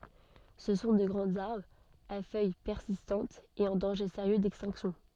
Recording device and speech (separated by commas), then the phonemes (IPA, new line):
soft in-ear microphone, read sentence
sə sɔ̃ də ɡʁɑ̃z aʁbʁz a fœj pɛʁsistɑ̃tz e ɑ̃ dɑ̃ʒe seʁjø dɛkstɛ̃ksjɔ̃